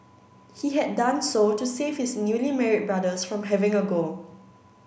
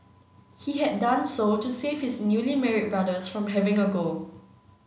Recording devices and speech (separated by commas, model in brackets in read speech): boundary microphone (BM630), mobile phone (Samsung C9), read sentence